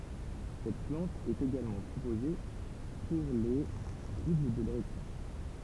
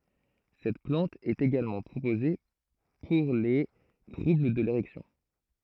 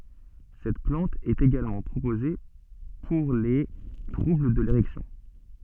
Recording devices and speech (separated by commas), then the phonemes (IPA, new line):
temple vibration pickup, throat microphone, soft in-ear microphone, read sentence
sɛt plɑ̃t ɛt eɡalmɑ̃ pʁopoze puʁ le tʁubl də leʁɛksjɔ̃